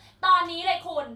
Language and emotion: Thai, angry